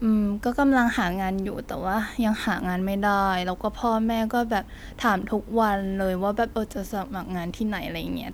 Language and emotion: Thai, frustrated